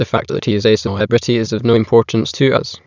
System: TTS, waveform concatenation